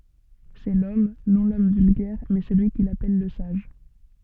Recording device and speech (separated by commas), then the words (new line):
soft in-ear microphone, read sentence
C'est l'homme, non l'homme vulgaire, mais celui qu'il appelle le sage.